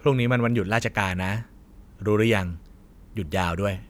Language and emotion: Thai, neutral